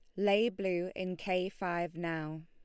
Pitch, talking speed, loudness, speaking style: 180 Hz, 160 wpm, -34 LUFS, Lombard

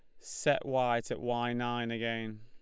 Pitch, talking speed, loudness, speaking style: 120 Hz, 165 wpm, -33 LUFS, Lombard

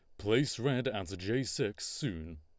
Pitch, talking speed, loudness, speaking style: 100 Hz, 165 wpm, -34 LUFS, Lombard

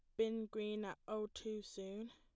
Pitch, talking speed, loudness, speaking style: 215 Hz, 185 wpm, -45 LUFS, plain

